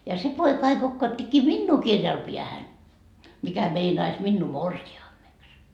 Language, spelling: Finnish, ja se poika aina kokauttikin minua kirjalla päähän mikä meinaisi minua morsiameksi
- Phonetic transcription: ja 'se poika ai 'kokkaattikkii "minnuu 'kirjal piähän , mikä 'meinais 'minnuu "morsi₍aammeks .

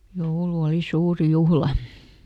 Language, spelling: Finnish, joulu oli suuri juhla
- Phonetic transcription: ˈjoulu ˈoli ˈsuurⁱ "juhla .

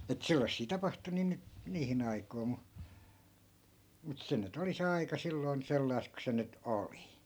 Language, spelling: Finnish, että sellaisia tapahtui niin nyt niihin aikoihin mutta mutta se nyt oli se aika silloin sellaista kuin se nyt oli
- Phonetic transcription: et 'sellassii 'tapahtu nii nyt , 'niihin ‿aikoi̮ mu , mut 'se ny't ‿oli se 'aika 'silloi̮n 'sellai̮st ku se 'nyt "oli .

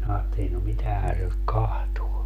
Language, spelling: Finnish, minä ajattelin no mitähän se nyt katsoo
- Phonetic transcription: minä aatteli » no 'mitähän se nyt "kahtuo » .

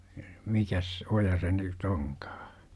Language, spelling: Finnish, mikäs oja se - nyt onkaan
- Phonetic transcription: mikäs , 'oja se n y't ‿oŋkAA ?

